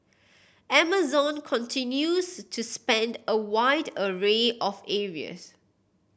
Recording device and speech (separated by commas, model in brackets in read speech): boundary microphone (BM630), read sentence